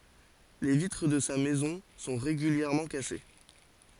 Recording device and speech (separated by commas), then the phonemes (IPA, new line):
forehead accelerometer, read sentence
le vitʁ də sa mɛzɔ̃ sɔ̃ ʁeɡyljɛʁmɑ̃ kase